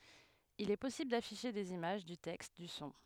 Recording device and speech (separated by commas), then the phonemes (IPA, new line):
headset microphone, read sentence
il ɛ pɔsibl dafiʃe dez imaʒ dy tɛkst dy sɔ̃